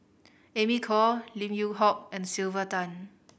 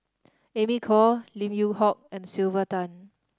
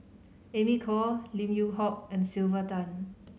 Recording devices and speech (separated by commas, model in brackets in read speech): boundary microphone (BM630), standing microphone (AKG C214), mobile phone (Samsung C5010), read sentence